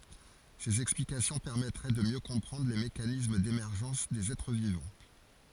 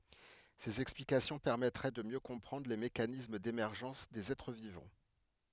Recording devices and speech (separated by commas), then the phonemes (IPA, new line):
forehead accelerometer, headset microphone, read sentence
sez ɛksplikasjɔ̃ pɛʁmɛtʁɛ də mjø kɔ̃pʁɑ̃dʁ le mekanism demɛʁʒɑ̃s dez ɛtʁ vivɑ̃